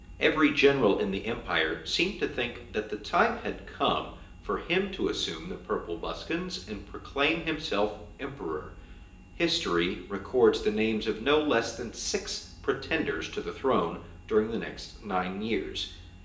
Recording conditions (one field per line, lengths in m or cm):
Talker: one person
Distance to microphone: 1.8 m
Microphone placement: close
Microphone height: 1.0 m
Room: large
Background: none